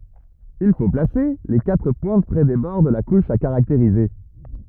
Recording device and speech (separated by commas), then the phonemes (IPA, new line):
rigid in-ear microphone, read sentence
il fo plase le katʁ pwɛ̃t pʁɛ de bɔʁ də la kuʃ a kaʁakteʁize